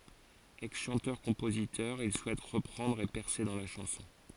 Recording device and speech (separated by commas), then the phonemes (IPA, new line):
forehead accelerometer, read sentence
ɛksʃɑ̃tœʁkɔ̃pozitœʁ il suɛt ʁəpʁɑ̃dʁ e pɛʁse dɑ̃ la ʃɑ̃sɔ̃